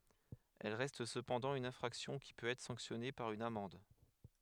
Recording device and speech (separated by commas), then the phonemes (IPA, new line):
headset microphone, read sentence
ɛl ʁɛst səpɑ̃dɑ̃ yn ɛ̃fʁaksjɔ̃ ki pøt ɛtʁ sɑ̃ksjɔne paʁ yn amɑ̃d